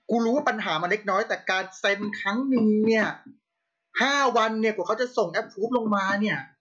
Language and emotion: Thai, angry